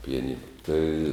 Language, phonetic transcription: Lithuanian, pijaˈnina tai

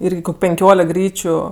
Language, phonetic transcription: Lithuanian, ˈyrgi kok' penˈkiolek ˈgryčiu

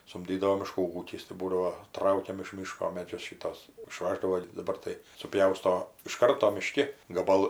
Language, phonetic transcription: Lithuanian, sumˈdydavo miˈškų ˈūkis tai ˈbūdavo ˈtraukiam iš ˈmyško ˈmedžius ˈšytuos iˈšvaždavo daˈbar tai suˈpjausto iš ˈkarto miˈški gaˈbal

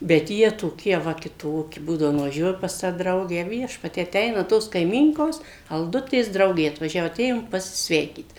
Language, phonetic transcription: Lithuanian, bet ˈjie toˈkie ˈva kiˈtoki ˈbūdavo nuvaˈžiuoju pas ˈtą ˈdraugę ˈviešpatie aˈteinaˈ tos kaiˈmynkos alˈdutės ˈdraugė atvaˈžiavo aˈtėjom pasiˈsveikyt

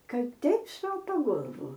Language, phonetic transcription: Lithuanian, ˈkad ˈteip ˈsopa ˈgolvu

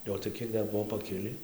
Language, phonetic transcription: Lithuanian, ˈjo o tai ˈkiek ˈdar ˈbuo paˈkilį

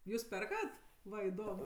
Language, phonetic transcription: Lithuanian, ˈjūs ˈperkat ˈva iˈdom

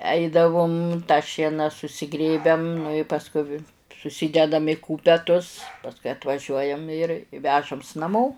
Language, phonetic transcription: Lithuanian, ˈeidavum tą ˈšiena susiˈgrėbiam nu i pasˈku vi suˈsydedam i ˈkūpetus pasˈkui atvaˈžiuojam ir ˈvežams naˈmo

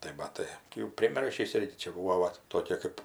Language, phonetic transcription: Lithuanian, tai maˈtai tai jau priˈmiršįs ˈirgi ˈčia ˈbūvo ˈvat toˈkė kɜp

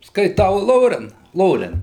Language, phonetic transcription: Lithuanian, skaiˈtau ˈloren ˈloren

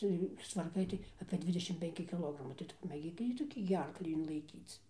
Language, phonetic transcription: Lithuanian, ˈcia jų sustvarˈkai tai apė ˈdvidešim penˈki kiˈlogramai tai ˈtu pamėˈgyk ˈjį toˈkį gi ˈarklį inlaiˈkyc

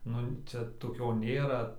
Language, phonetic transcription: Lithuanian, ˈnu ˈčia toˈkio ˈnėra

